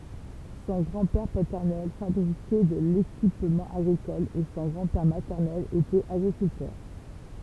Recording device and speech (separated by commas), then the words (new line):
temple vibration pickup, read sentence
Son grand-père paternel fabriquait de l'équipement agricole et son grand-père maternel était agriculteur.